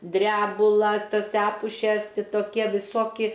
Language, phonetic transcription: Lithuanian, ˈdrebulas ˈtas ˈepušes ˈti toˈkie viˈsoki

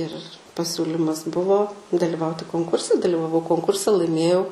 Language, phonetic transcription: Lithuanian, ir paˈsiūlymas ˈbuvo daliˈvauti konˈkurse dalivaˈvau konˈkurse laiˈmėjau

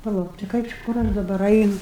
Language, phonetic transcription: Lithuanian, paˈlauk tai ˈkaip či ˈkur aš daˈbar ˈainu

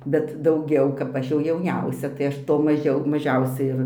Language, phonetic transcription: Lithuanian, bet dauˈgiau kap ˈaš jau jauˈniausia tai ˈaš ˈto maˈžiau maˈžiausiai ir

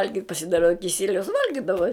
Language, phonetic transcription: Lithuanian, ˈvalgit' pasiˈdara kiˈsieliaus ˈvalgidava

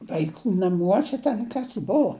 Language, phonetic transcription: Lithuanian, vaiˈkų naˈmuose ten ˈkas ji ˈbuvo

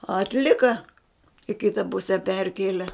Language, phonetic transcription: Lithuanian, atˈlika i ˈkita ˈpuse ˈperkėle

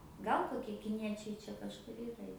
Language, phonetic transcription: Lithuanian, ˈgal koˈkie kiˈniečiai ˈčia kažˈkur ˈyra jau

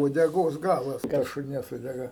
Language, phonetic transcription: Lithuanian, uodeˈgos ˈgalas ką šuˈnies uodeˈga

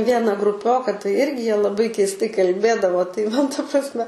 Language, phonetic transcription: Lithuanian, ˈviena gruˈpioka tai ˈirgi ˈjie laˈbai keisˈtai kalˈbėdavo tai ˈman ta prasˈme

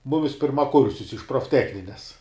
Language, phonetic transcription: Lithuanian, ˈmumis pirmaˈkursius iš profˈtechnines

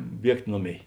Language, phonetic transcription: Lithuanian, ˈbiegt' ˈnoˌmėi

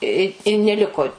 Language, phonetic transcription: Lithuanian, i i neˈliko

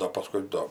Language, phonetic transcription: Lithuanian, ˈdo paˈskui do

